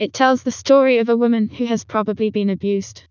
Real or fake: fake